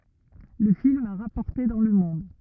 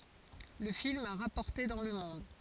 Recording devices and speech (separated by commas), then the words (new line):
rigid in-ear microphone, forehead accelerometer, read sentence
Le film a rapporté dans le monde.